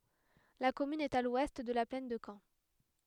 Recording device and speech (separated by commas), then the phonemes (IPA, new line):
headset microphone, read sentence
la kɔmyn ɛt a lwɛst də la plɛn də kɑ̃